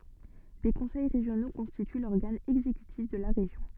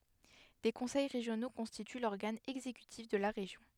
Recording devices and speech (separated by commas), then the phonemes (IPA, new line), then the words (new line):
soft in-ear microphone, headset microphone, read sentence
de kɔ̃sɛj ʁeʒjono kɔ̃stity lɔʁɡan ɛɡzekytif də la ʁeʒjɔ̃
Des conseils régionaux constituent l'organe exécutif de la région.